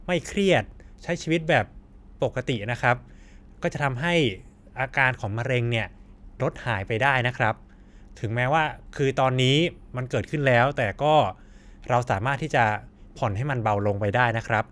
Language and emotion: Thai, neutral